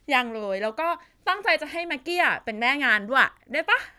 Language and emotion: Thai, happy